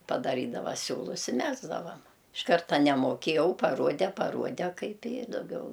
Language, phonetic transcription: Lithuanian, padaˈrydava ˈsiūlus i ˈmegzdavam iš ˈkarta nemoˈkėjau paˈruode paˈruode ˈkaip i daˈgiau

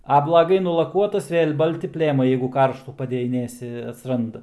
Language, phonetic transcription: Lithuanian, a blaˈgai nulaˈkuotas ˈvėl' ˈbalti ˈplėmai ˈjeigu ˈkarštų padejiˈnėsi atsˈranda

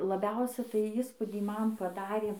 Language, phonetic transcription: Lithuanian, laˈbiausiai tai ˈįspūdį ˈman paˈdarė

